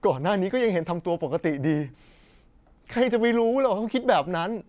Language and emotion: Thai, sad